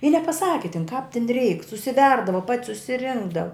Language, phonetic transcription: Lithuanian, i nepaˈsaki tin kāp tin reik susiˈverdava pat' susiˈrinkdava

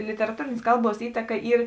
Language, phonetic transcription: Lithuanian, literaˈtūrėnės ˈkalˌbuos ˈįtaka ˈyr

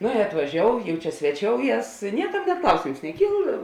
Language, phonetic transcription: Lithuanian, ˈno i atvaˈžiou jau ˈčia sveˈčiouˌjes ˈniekam nė ˈklausėms neˈkyl

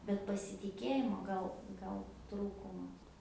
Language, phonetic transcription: Lithuanian, bet pasitiˈkėjimo ˈgal ˈgal ˈtrūkuma

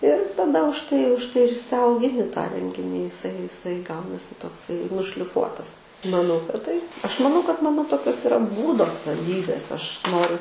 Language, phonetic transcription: Lithuanian, ir taˈda už ˈtai už ˈtai ir išsiaugiˈni tą ˈrenginį iˈsai iˈsai ˈgaunasi tokˈsai nušliˈfuotas maˈnau kad ˈtaip ˈaš maˈnau kad ˈmano ˈtokios iˈra ˈbūdo saˈvybės ˈaš ˈnoriu

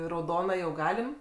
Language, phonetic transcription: Lithuanian, rauˈdona jau ˈgalim

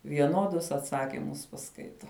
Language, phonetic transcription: Lithuanian, vieˈnuodus atˈsakimus paˈskaito

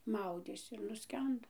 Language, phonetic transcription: Lithuanian, ˈmaudėsi ir nuˈskendo

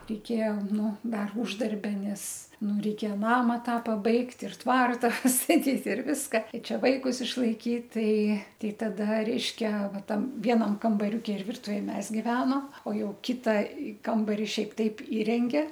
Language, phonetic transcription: Lithuanian, reiˈkėja ˈnu ˈdar uždarˈbia ˈnes ˈnu reiˈkėja ˈnama ˈtą paˈbaigt ir ˈtvarta pastaˈtyt ir ˈviska i ˈčia vaikus išlaiˈkyt ˈtai ˈtei taˈda ˈreiškia ˈva ˈtam ˈvienam kambaˈriuki ir ˈvirtuvėj ˈmes giˈveno o ˈjau ˈkita ˈkambari ˈšiaip ˈtaip ˈįrenge

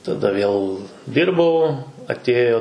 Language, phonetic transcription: Lithuanian, taˈda vėl ˈdirbau atˈėjo

